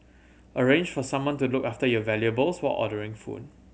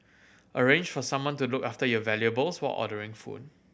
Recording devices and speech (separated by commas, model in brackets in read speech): mobile phone (Samsung C7100), boundary microphone (BM630), read sentence